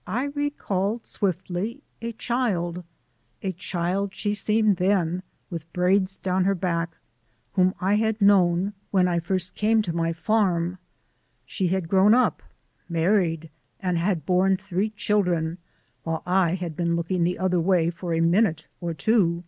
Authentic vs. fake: authentic